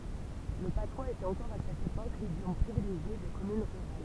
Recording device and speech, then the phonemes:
temple vibration pickup, read sentence
lə patwaz etɛt ɑ̃kɔʁ a sɛt epok lidjɔm pʁivileʒje de kɔmyn ʁyʁal

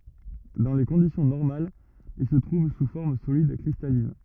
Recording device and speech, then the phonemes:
rigid in-ear microphone, read sentence
dɑ̃ le kɔ̃disjɔ̃ nɔʁmalz il sə tʁuv su fɔʁm solid kʁistalin

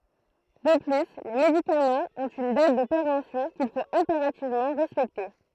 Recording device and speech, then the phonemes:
throat microphone, read sentence
də ply le medikamɑ̃z ɔ̃t yn dat də peʁɑ̃psjɔ̃ kil fot ɛ̃peʁativmɑ̃ ʁɛspɛkte

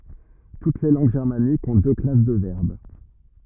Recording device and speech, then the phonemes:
rigid in-ear microphone, read sentence
tut le lɑ̃ɡ ʒɛʁmanikz ɔ̃ dø klas də vɛʁb

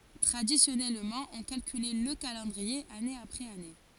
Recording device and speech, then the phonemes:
forehead accelerometer, read sentence
tʁadisjɔnɛlmɑ̃ ɔ̃ kalkylɛ lə kalɑ̃dʁie ane apʁɛz ane

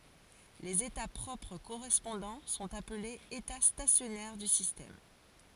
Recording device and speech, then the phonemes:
forehead accelerometer, read sentence
lez eta pʁɔpʁ koʁɛspɔ̃dɑ̃ sɔ̃t aplez eta stasjɔnɛʁ dy sistɛm

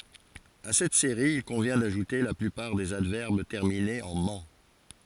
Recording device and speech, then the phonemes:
forehead accelerometer, read sentence
a sɛt seʁi il kɔ̃vjɛ̃ daʒute la plypaʁ dez advɛʁb tɛʁminez ɑ̃ mɑ̃

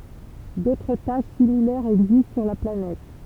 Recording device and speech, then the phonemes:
temple vibration pickup, read sentence
dotʁ taʃ similɛʁz ɛɡzist syʁ la planɛt

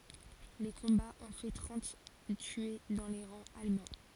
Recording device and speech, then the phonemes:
forehead accelerometer, read sentence
le kɔ̃baz ɔ̃ fɛ tʁɑ̃t tye dɑ̃ le ʁɑ̃z almɑ̃

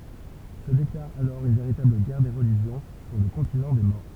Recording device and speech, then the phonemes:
temple vibration pickup, read sentence
sə deklaʁ alɔʁ yn veʁitabl ɡɛʁ de ʁəliʒjɔ̃ syʁ lə kɔ̃tinɑ̃ de mɔʁ

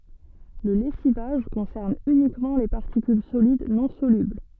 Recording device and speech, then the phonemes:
soft in-ear microphone, read sentence
lə lɛsivaʒ kɔ̃sɛʁn ynikmɑ̃ le paʁtikyl solid nɔ̃ solybl

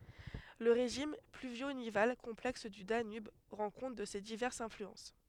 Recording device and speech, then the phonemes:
headset microphone, read sentence
lə ʁeʒim plyvjo nival kɔ̃plɛks dy danyb ʁɑ̃ kɔ̃t də se divɛʁsz ɛ̃flyɑ̃s

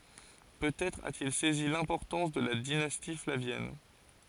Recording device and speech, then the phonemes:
forehead accelerometer, read sentence
pøtɛtʁ atil sɛzi lɛ̃pɔʁtɑ̃s də la dinasti flavjɛn

